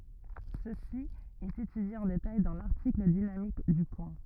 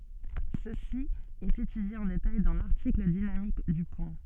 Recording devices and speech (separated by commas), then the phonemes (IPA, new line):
rigid in-ear microphone, soft in-ear microphone, read sentence
səsi ɛt etydje ɑ̃ detaj dɑ̃ laʁtikl dinamik dy pwɛ̃